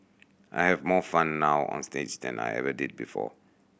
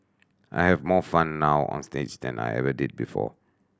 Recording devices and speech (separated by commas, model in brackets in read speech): boundary microphone (BM630), standing microphone (AKG C214), read sentence